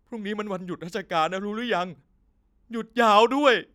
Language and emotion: Thai, sad